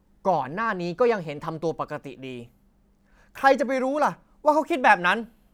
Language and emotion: Thai, angry